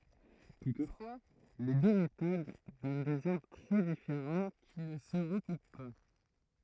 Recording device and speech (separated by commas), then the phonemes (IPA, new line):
throat microphone, read sentence
tutfwa le dø metod dɔn dez aʁbʁ tʁɛ difeʁɑ̃ ki nə sə ʁəkup pa